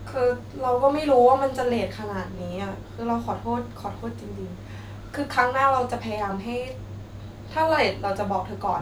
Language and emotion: Thai, sad